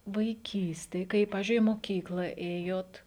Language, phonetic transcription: Lithuanian, vaiˈkystėj ˈkai ˈpavizdžiui i moˈkykla ˈėjot

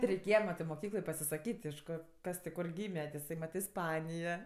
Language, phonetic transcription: Lithuanian, ti reiˈkėja ˈmatɜ ir moˈkykloj pasisaˈkyt' iš ˈko ˈkas tik ˈkor ˈgyme ti iˈsai mat isˈpanija

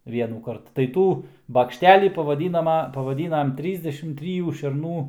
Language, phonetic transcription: Lithuanian, ˈvienųkart tai ˈtų bakšˈtelį pavaˈdynama pavaˈdynam ˈtrysdešim ˈtryjų šerˈnų

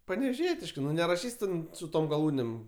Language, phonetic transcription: Lithuanian, panevėˈžietiškɜ ˈnu neraˈšys' ten su ˈtom gaˈlūnėm

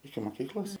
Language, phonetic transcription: Lithuanian, iki moˈkyklos

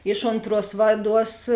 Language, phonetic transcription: Lithuanian, ˈiš onˌtruos ˈvaˌduos

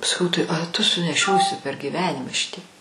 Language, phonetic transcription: Lithuanian, saˈkau tai a tu suneˈšiosi per gyˈvenima ˈšitiek

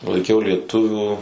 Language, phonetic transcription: Lithuanian, laiˈkiau lieˈtuvių

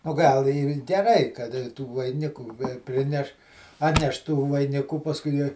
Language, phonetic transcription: Lithuanian, o ˈgal ir geˈrai kad tų vaiˈnikų ˈprineš ˈatneš tų vaiˈnikų pasˈkui ˈjie

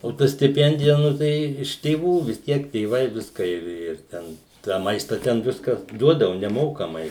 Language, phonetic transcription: Lithuanian, o ˈta stiˈpendija ˈnu tai iš tėˈvų vis ˈtiek tėˈvai visˈką ir ir ˈten tą ˈmaista ten ˈviskas ˈduodavu neˈmokamai

